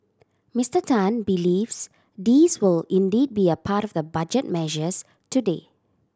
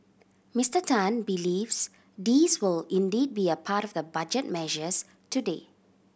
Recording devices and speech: standing microphone (AKG C214), boundary microphone (BM630), read sentence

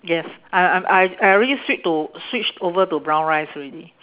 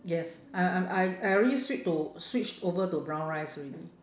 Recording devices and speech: telephone, standing microphone, conversation in separate rooms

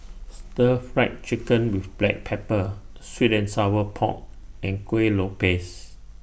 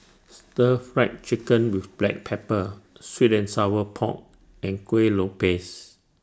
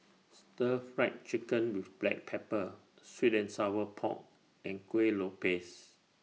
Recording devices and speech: boundary microphone (BM630), standing microphone (AKG C214), mobile phone (iPhone 6), read sentence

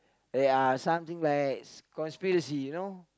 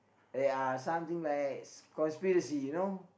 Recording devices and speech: close-talking microphone, boundary microphone, conversation in the same room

